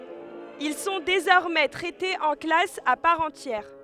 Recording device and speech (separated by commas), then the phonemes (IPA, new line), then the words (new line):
headset microphone, read sentence
il sɔ̃ dezɔʁmɛ tʁɛtez ɑ̃ klas a paʁ ɑ̃tjɛʁ
Ils sont désormais traités en classe à part entière.